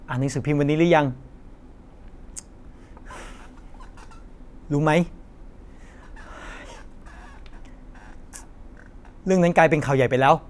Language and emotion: Thai, frustrated